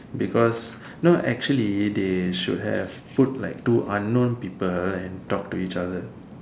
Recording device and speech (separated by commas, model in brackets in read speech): standing microphone, conversation in separate rooms